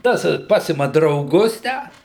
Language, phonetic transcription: Lithuanian, ˈtas ˈpasima drauˈgus ˈtę

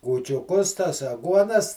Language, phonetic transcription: Lithuanian, kūčiuˈkus tas aˈguonas

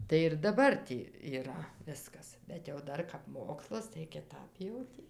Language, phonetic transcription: Lithuanian, tai ir daˈbar tį yˈra ˈviskas bet jau ˈdar kap ˈmokslas tai kiˈtap jau ˈtį

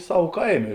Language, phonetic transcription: Lithuanian, ˈsav ˈkaiˌmė

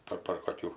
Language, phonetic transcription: Lithuanian, ˈpar par koˈkių

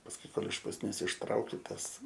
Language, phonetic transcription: Lithuanian, pasˈkui ˈkol iš pusˈnies išˈtrauki ˈtas

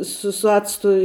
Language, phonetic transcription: Lithuanian, ˈsu su ˈactu

